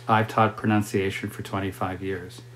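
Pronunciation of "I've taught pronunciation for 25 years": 'I've taught pronunciation for 25 years' is said the normal, typical way for a statement.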